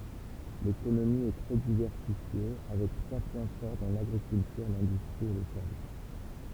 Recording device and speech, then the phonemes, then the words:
temple vibration pickup, read sentence
lekonomi ɛ tʁɛ divɛʁsifje avɛk tʁwa pwɛ̃ fɔʁ dɑ̃ laɡʁikyltyʁ lɛ̃dystʁi e le sɛʁvis
L'économie est très diversifiée, avec trois points forts dans l'agriculture, l'industrie et les services.

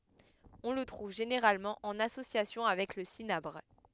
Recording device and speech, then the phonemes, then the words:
headset microphone, read sentence
ɔ̃ lə tʁuv ʒeneʁalmɑ̃ ɑ̃n asosjasjɔ̃ avɛk lə sinabʁ
On le trouve généralement en association avec le cinabre.

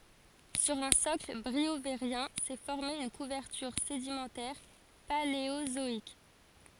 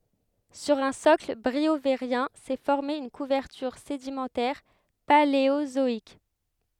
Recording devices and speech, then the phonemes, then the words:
forehead accelerometer, headset microphone, read sentence
syʁ œ̃ sɔkl bʁioveʁjɛ̃ sɛ fɔʁme yn kuvɛʁtyʁ sedimɑ̃tɛʁ paleozɔik
Sur un socle briovérien s'est formée une couverture sédimentaire paléozoïque.

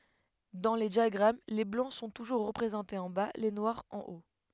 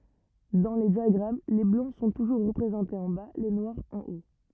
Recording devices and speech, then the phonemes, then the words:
headset microphone, rigid in-ear microphone, read sentence
dɑ̃ le djaɡʁam le blɑ̃ sɔ̃ tuʒuʁ ʁəpʁezɑ̃tez ɑ̃ ba le nwaʁz ɑ̃ o
Dans les diagrammes, les Blancs sont toujours représentés en bas, les Noirs en haut.

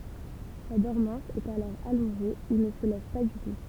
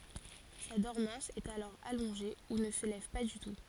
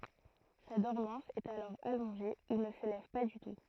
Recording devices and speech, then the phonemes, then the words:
temple vibration pickup, forehead accelerometer, throat microphone, read sentence
sa dɔʁmɑ̃s ɛt alɔʁ alɔ̃ʒe u nə sə lɛv pa dy tu
Sa dormance est alors allongée ou ne se lève pas du tout.

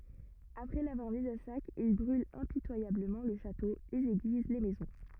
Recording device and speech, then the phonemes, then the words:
rigid in-ear microphone, read sentence
apʁɛ lavwaʁ miz a sak il bʁylt ɛ̃pitwajabləmɑ̃ lə ʃato lez eɡliz le mɛzɔ̃
Après l'avoir mise à sac, ils brûlent impitoyablement le château, les églises, les maisons.

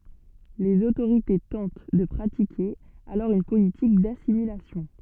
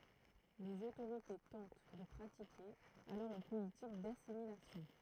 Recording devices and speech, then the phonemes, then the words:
soft in-ear microphone, throat microphone, read sentence
lez otoʁite tɑ̃t də pʁatike alɔʁ yn politik dasimilasjɔ̃
Les autorités tentent de pratiquer alors une politique d'assimilation.

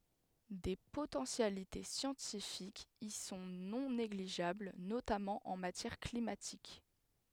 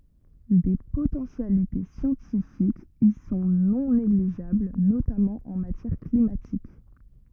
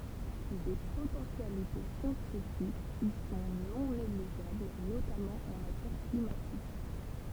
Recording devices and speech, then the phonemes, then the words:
headset microphone, rigid in-ear microphone, temple vibration pickup, read sentence
de potɑ̃sjalite sjɑ̃tifikz i sɔ̃ nɔ̃ neɡliʒabl notamɑ̃ ɑ̃ matjɛʁ klimatik
Des potentialités scientifiques y sont non négligeables, notamment en matière climatique.

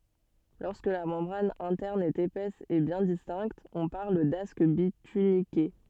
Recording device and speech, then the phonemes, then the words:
soft in-ear microphone, read sentence
lɔʁskə la mɑ̃bʁan ɛ̃tɛʁn ɛt epɛs e bjɛ̃ distɛ̃kt ɔ̃ paʁl dask bitynike
Lorsque la membrane interne est épaisse et bien distincte, on parle d'asque bituniqué.

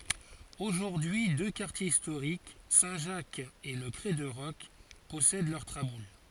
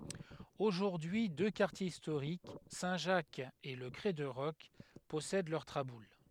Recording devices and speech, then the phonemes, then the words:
forehead accelerometer, headset microphone, read sentence
oʒuʁdyi dø kaʁtjez istoʁik sɛ̃ ʒak e lə kʁɛ də ʁɔk pɔsɛd lœʁ tʁabul
Aujourd'hui deux quartiers historiques, Saint Jacques et le Crêt de Roc, possèdent leurs traboules.

